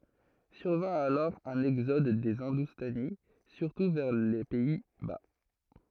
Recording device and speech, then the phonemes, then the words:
throat microphone, read sentence
syʁvɛ̃ alɔʁ œ̃n ɛɡzɔd de ɛ̃dustani syʁtu vɛʁ le pɛi ba
Survint alors un exode des Hindoustanis, surtout vers les Pays-Bas.

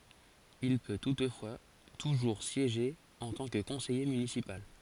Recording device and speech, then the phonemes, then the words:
forehead accelerometer, read sentence
il pø tutfwa tuʒuʁ sjeʒe ɑ̃ tɑ̃ kə kɔ̃sɛje mynisipal
Il peut toutefois toujours siéger en tant que conseiller municipal.

